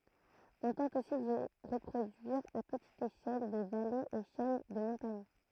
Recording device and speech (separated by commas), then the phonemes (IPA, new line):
throat microphone, read sentence
ɔ̃ tɑ̃t osi di ʁəpʁodyiʁ a pətit eʃɛl de valez e ʃɛn də mɔ̃taɲ